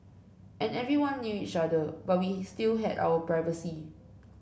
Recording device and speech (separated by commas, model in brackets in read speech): boundary microphone (BM630), read sentence